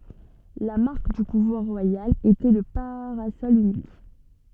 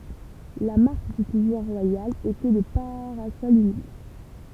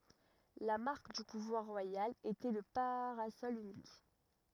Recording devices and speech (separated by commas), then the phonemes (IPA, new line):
soft in-ear microphone, temple vibration pickup, rigid in-ear microphone, read sentence
la maʁk dy puvwaʁ ʁwajal etɛ lə paʁasɔl ynik